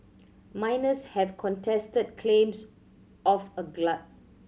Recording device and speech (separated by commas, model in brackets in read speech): mobile phone (Samsung C7100), read sentence